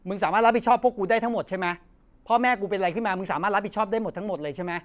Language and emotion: Thai, angry